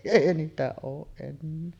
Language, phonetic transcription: Finnish, èi 'niitä ooˀ ˀennee .
- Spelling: ei niitä ole enää

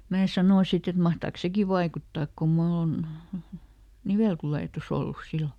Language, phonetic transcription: Finnish, mää ˈsanò ˈsit ‿et » ˈmahtaaks "seki vaikuttaak kum ˈmull ‿on , "nivèltulètuˈs ‿ollus ˈsillo ? »
- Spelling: minä sanoin sitten että mahtaakos sekin vaikuttaa kun minulla on niveltulehdus ollut silloin

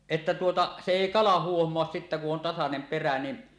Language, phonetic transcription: Finnish, 'että tuota , se 'èi "kala 'huohmoas sittä ku’ ’on tasanem perä ni .
- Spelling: että tuota se ei kala huomaa sitä kun on tasainen perä niin

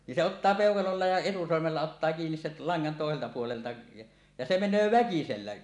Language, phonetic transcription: Finnish, nin se 'ottaa "pèokalolla ja "etusormella ottaa kiinis sel 'laŋŋan tòeselta puolelta ja , ja 'se 'men̆nöö "väkisellä .
- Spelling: niin se ottaa peukalolla ja etusormella ottaa kiinni sen langan toiselta puolelta ja ja se menee väkisellä

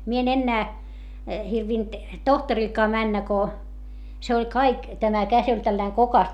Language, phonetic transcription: Finnish, mie en ennää , hirvint , tohtarilkaa männä ko , se oĺ kaik , tämä käs ‿oĺ tälläiŋ kokas .
- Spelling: minä en enää hirvennyt tohtorillekaan mennä kun se oli kaikki tämä käsi oli tällainen kookas

